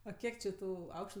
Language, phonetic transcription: Lithuanian, ˈa ˈkiek či ˈtų ˈaukštu

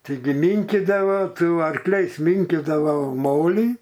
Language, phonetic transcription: Lithuanian, taiˈgi ˈmynkydava su arkˈliais ˈminkydavau ˈmolį

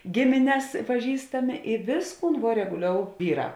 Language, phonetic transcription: Lithuanian, ˈgimines paˈžįstami i ˈvėsˌkūn vuo reguˈliou ˈvyˌrā

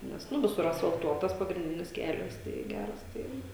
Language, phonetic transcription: Lithuanian, ˈnes ˈnu ˈvisur asfalˈtuotas pagrinˈdinis ˈkelias tai ˈgæras ˈtai

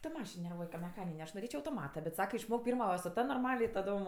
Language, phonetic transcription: Lithuanian, ta ˈmašin nerˈvuoj ka meˈchanine aš noˈrėčio autoˈmata bet ˈsaka išˈmok ˈpyrma su ˈta norˈmale i taˈdom

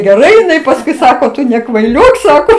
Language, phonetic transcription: Lithuanian, geˈrai iˈnai pasˈkui ˈsako ˈtu nekvaiˈliok ˈsako

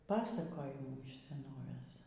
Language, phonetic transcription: Lithuanian, ˈpasakojimų iš seˈnovės

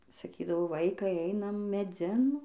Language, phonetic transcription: Lithuanian, saˈkydavo ˈvaikai ˈeinam meˈdzin

